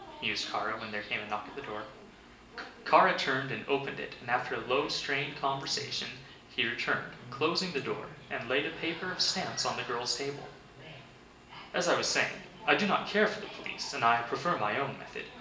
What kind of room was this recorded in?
A big room.